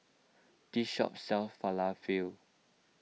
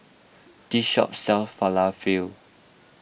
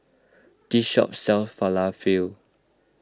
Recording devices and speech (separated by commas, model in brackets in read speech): mobile phone (iPhone 6), boundary microphone (BM630), close-talking microphone (WH20), read sentence